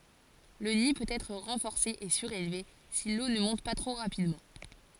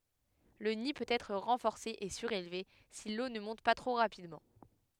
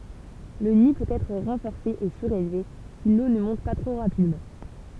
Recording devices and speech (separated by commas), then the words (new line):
forehead accelerometer, headset microphone, temple vibration pickup, read sentence
Le nid peut être renforcé et surélevé si l'eau ne monte pas trop rapidement.